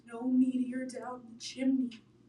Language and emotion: English, fearful